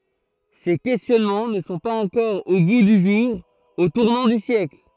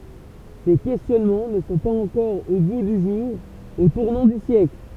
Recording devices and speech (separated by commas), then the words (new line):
throat microphone, temple vibration pickup, read sentence
Ces questionnements ne sont pas encore au goût du jour au tournant du siècle.